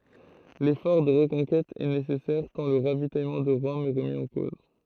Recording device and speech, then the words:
throat microphone, read sentence
L’effort de reconquête est nécessaire tant le ravitaillement de Rome est remis en cause.

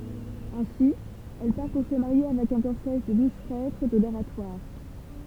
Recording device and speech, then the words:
temple vibration pickup, read sentence
Ainsi, elle part pour se marier avec un cortège de douze prêtres de l'Oratoire.

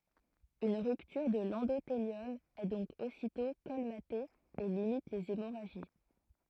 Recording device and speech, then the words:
throat microphone, read sentence
Une rupture de l'endothélium est donc aussitôt colmatée et limite les hémorragies.

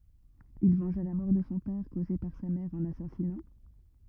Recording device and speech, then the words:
rigid in-ear microphone, read sentence
Il vengea la mort de son père causée par sa mère en l'assasinant.

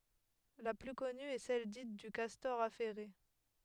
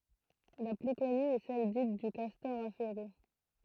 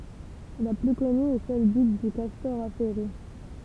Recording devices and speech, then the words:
headset microphone, throat microphone, temple vibration pickup, read sentence
La plus connue est celle dite du castor affairé.

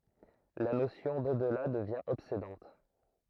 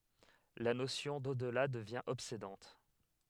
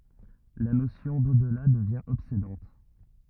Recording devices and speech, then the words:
throat microphone, headset microphone, rigid in-ear microphone, read sentence
La notion d'au-delà devient obsédante.

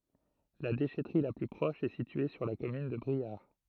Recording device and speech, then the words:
throat microphone, read sentence
La déchèterie la plus proche est située sur la commune de Briare.

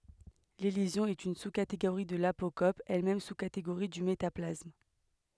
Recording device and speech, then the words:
headset microphone, read sentence
L'élision est une sous-catégorie de l'apocope, elle-même sous-catégorie du métaplasme.

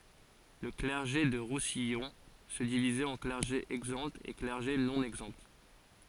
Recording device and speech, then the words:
forehead accelerometer, read sentence
Le clergé du Roussillon se divisait en clergé exempt et clergé non exempt.

